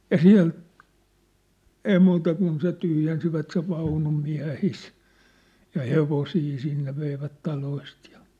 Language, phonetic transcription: Finnish, ja "siä̭l , "ei "muuta kun se 'tyhjensivät sev 'vaunum 'miä̭his , ja "hevosii sinne 'veivät 'taloist jᴀ .
- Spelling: ja siellä ei muuta kuin se tyhjensivät sen vaunun miehistä ja hevosia sinne veivät taloista ja

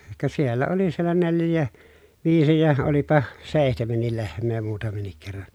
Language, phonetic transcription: Finnish, ka siellä oli siellä nelj̆jää , viisi ja , olipa sèihtemennil lehm̀ee muutamennik kerran̬ .
- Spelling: ka siellä oli siellä neljäkin viisi ja olipa seitsemänkin lehmää muutamankin kerran

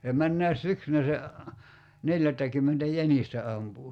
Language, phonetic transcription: Finnish, (se) 'männä̀i̬s "syksynä se , 'neljättäkymmentä "jänistä 'ampu .
- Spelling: se menneenäkin syksynä se neljättäkymmentä jänistä ampui

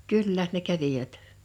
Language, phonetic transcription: Finnish, 'kyl'lä , ne 'kävivät .
- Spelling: kyllä ne kävivät

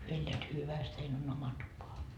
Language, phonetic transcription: Finnish, 'hyö elleät "hyväst hein on oma 'tupa .
- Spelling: he elävät hyvästi heidän on oma tupa

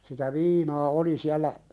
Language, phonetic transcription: Finnish, sitä "viinaa "oli siällä ,.
- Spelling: sitä viinaa oli siellä

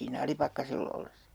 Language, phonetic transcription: Finnish, sii'n ‿Alipakkasell ‿ollessa .
- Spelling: siinä Alipakkasella ollessa

